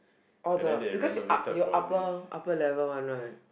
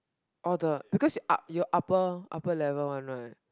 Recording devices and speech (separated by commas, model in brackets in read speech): boundary microphone, close-talking microphone, conversation in the same room